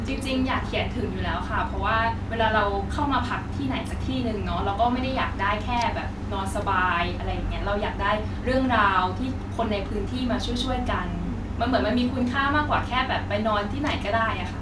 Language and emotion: Thai, neutral